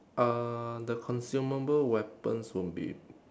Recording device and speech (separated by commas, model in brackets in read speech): standing microphone, conversation in separate rooms